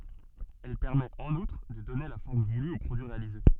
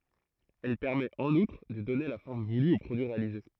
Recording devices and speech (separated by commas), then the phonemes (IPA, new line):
soft in-ear microphone, throat microphone, read sentence
ɛl pɛʁmɛt ɑ̃n utʁ də dɔne la fɔʁm vuly o pʁodyi ʁealize